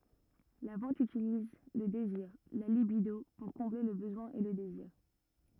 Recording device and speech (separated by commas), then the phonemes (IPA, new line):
rigid in-ear microphone, read sentence
la vɑ̃t ytiliz lə deziʁ la libido puʁ kɔ̃ble lə bəzwɛ̃ e lə deziʁ